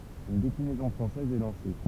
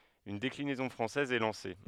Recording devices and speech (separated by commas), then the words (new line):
temple vibration pickup, headset microphone, read sentence
Une déclinaison française est lancée.